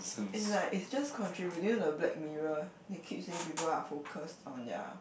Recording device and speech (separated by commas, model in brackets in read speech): boundary microphone, conversation in the same room